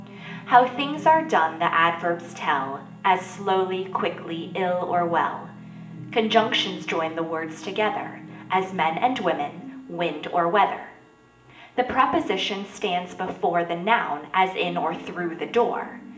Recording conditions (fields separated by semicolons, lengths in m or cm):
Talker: one person; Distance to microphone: 1.8 m; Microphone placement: close; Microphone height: 1.0 m; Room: large; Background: television